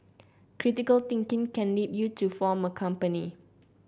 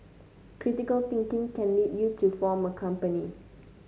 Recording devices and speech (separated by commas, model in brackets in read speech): boundary microphone (BM630), mobile phone (Samsung C9), read sentence